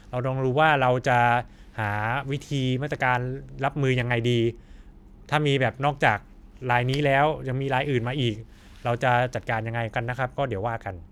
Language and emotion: Thai, neutral